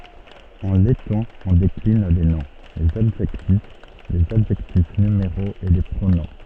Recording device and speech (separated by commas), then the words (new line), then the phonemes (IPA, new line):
soft in-ear microphone, read sentence
En letton, on décline les noms, les adjectifs, les adjectifs numéraux et les pronoms.
ɑ̃ lɛtɔ̃ ɔ̃ deklin le nɔ̃ lez adʒɛktif lez adʒɛktif nymeʁoz e le pʁonɔ̃